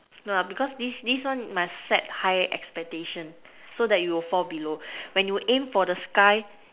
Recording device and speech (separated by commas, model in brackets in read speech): telephone, conversation in separate rooms